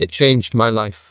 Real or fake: fake